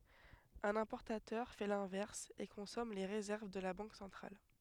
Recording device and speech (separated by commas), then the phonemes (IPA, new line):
headset microphone, read sentence
œ̃n ɛ̃pɔʁtatœʁ fɛ lɛ̃vɛʁs e kɔ̃sɔm le ʁezɛʁv də la bɑ̃k sɑ̃tʁal